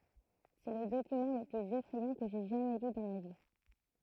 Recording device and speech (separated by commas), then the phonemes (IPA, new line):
throat microphone, read sentence
sɛ lə dokymɑ̃ lə plyz efʁɛjɑ̃ kə ʒɛ ʒamɛ ly dɑ̃ ma vi